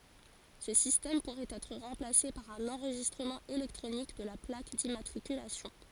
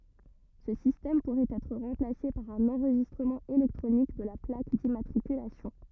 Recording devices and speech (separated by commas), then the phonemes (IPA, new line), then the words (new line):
forehead accelerometer, rigid in-ear microphone, read sentence
sə sistɛm puʁɛt ɛtʁ ʁɑ̃plase paʁ œ̃n ɑ̃ʁʒistʁəmɑ̃ elɛktʁonik də la plak dimmatʁikylasjɔ̃
Ce système pourrait être remplacée par un enregistrement électronique de la plaque d'immatriculation.